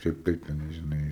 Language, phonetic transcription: Lithuanian, ˈkaip ˈkaip teˈnai žiˈnai

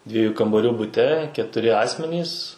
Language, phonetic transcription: Lithuanian, ˈdviejų kambaˈrių buˈte ketuˈri ˈasmenys

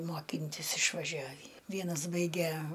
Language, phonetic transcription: Lithuanian, moˈkintis išvaˈžiavį ˈvienas ˈbaige

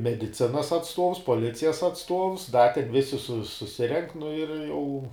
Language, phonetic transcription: Lithuanian, mediˈcinas atsˈtuovs poˈlicijas atsˈtuovs da ten ˈvisi su suˈsirenk nu ir ˈjau

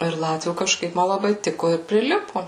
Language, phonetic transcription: Lithuanian, ir ˈlatvių kažˈkaip ˈma laˈbai ˈtiko ir priˈlipu

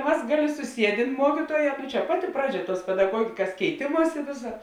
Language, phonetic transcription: Lithuanian, ˈmas ˈgaˌlė suˈsiedėn ˈmuokytuoˌjē nu čia ˈpaˌti ˈpraˌdžia ˈtuos pedaˈguogikas keiˈtėmuosi ˈvėsa

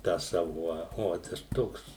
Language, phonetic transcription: Lithuanian, tą ˈsavu o ˈot aš ˈtoks

